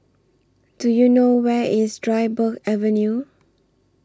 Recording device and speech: standing microphone (AKG C214), read sentence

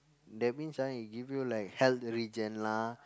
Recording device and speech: close-talking microphone, conversation in the same room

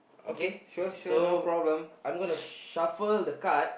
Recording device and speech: boundary microphone, conversation in the same room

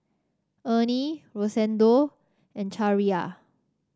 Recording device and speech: standing microphone (AKG C214), read sentence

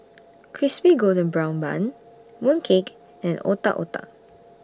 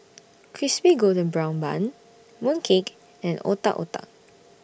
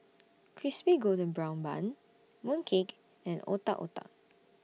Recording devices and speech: standing microphone (AKG C214), boundary microphone (BM630), mobile phone (iPhone 6), read sentence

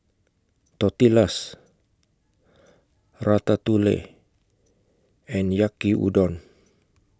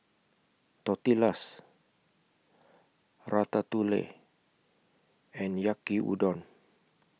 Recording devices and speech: close-talking microphone (WH20), mobile phone (iPhone 6), read sentence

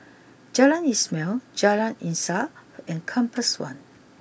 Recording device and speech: boundary microphone (BM630), read sentence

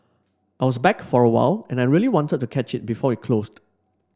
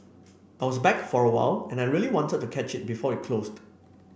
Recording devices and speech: standing microphone (AKG C214), boundary microphone (BM630), read sentence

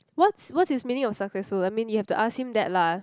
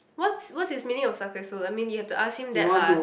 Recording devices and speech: close-talking microphone, boundary microphone, conversation in the same room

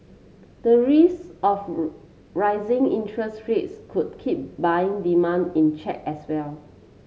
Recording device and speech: mobile phone (Samsung C7), read sentence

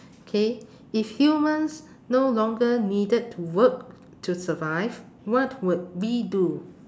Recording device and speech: standing microphone, conversation in separate rooms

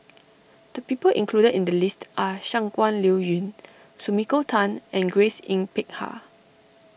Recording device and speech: boundary microphone (BM630), read sentence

